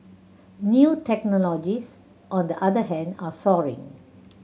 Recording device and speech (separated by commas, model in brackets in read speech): mobile phone (Samsung C7100), read sentence